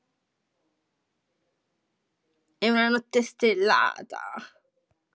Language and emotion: Italian, disgusted